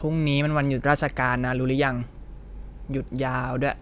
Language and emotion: Thai, frustrated